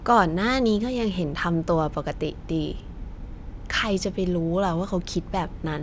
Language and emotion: Thai, frustrated